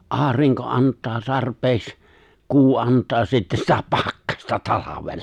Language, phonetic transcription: Finnish, '’aariŋko '’ant̆taa 'tarp̀eeks , 'kuu '’ant̆taa 'sittä sitä "pakkasta 'talavella .
- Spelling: aurinko antaa tarpeeksi kuu antaa sitten sitä pakkasta talvella

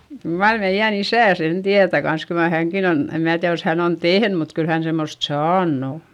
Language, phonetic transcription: Finnish, kyl mar meiʲän ‿isä̀ sen tiätä kans - kyl ma häŋkin ‿on , em mää tiäδ jos hän ‿on tehn mut kyl hän semmost saann ‿o .
- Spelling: kyllä mar meidän isä sen tietää kanssa kyllä mar hänkin on en minä tiedä jos hän on tehnyt mutta kyllä hän semmoista saanut on

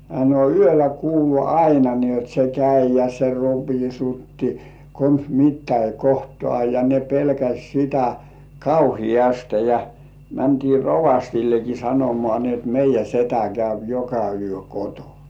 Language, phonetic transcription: Finnish, no 'yölä kuulu "aina ni jot 'se "käi ja se "ropisutti , kons 'mittäi "kohtŏà ja ne 'pelkäś sitä , "kauhijaste ja , 'mäntii "rovastilleki 'sanomŏà ni ‿ot "meijjä 'setä käyp "joka yö 'kotonᴀ .
- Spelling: no yöllä kuului aina niin jotta se kävi ja se ropisutti konsa mitäkin kohtaa ja ne pelkäsi sitä kauheasti ja mentiin rovastillekin sanomaan niin jotta meidän setä käy joka yö kotona

